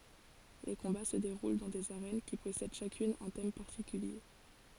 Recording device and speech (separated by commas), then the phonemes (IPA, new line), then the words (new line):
forehead accelerometer, read sentence
le kɔ̃ba sə deʁul dɑ̃ dez aʁɛn ki pɔsɛd ʃakyn œ̃ tɛm paʁtikylje
Les combats se déroulent dans des arènes qui possèdent chacune un thème particulier.